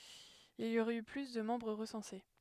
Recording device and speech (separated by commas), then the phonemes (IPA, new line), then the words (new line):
headset microphone, read sentence
il i oʁɛt y ply də mɑ̃bʁ ʁəsɑ̃se
Il y aurait eu plus de membres recensés.